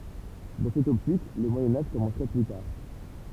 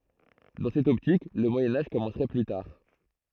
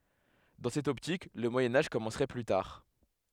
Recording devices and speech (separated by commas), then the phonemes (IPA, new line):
temple vibration pickup, throat microphone, headset microphone, read sentence
dɑ̃ sɛt ɔptik lə mwajɛ̃ aʒ kɔmɑ̃sʁɛ ply taʁ